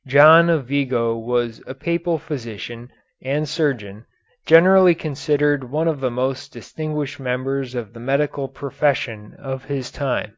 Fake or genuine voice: genuine